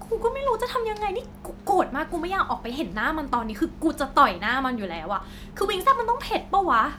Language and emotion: Thai, angry